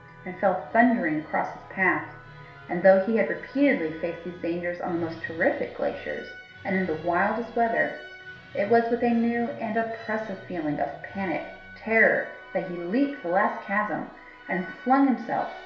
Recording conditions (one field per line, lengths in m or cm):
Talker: one person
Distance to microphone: 1.0 m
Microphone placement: close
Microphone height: 1.1 m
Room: small (3.7 m by 2.7 m)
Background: music